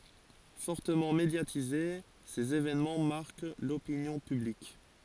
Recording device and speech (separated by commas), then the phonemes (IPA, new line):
forehead accelerometer, read sentence
fɔʁtəmɑ̃ medjatize sez evɛnmɑ̃ maʁk lopinjɔ̃ pyblik